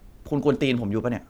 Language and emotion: Thai, frustrated